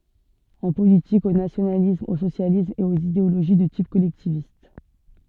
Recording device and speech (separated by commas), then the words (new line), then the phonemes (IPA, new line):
soft in-ear microphone, read sentence
En politique, au nationalisme, au socialisme, et aux idéologies de type collectiviste.
ɑ̃ politik o nasjonalism o sosjalism e oz ideoloʒi də tip kɔlɛktivist